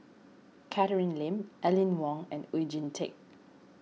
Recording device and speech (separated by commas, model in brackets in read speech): mobile phone (iPhone 6), read sentence